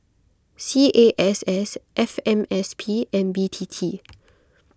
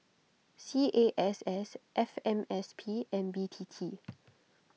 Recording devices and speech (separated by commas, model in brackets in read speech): close-talking microphone (WH20), mobile phone (iPhone 6), read sentence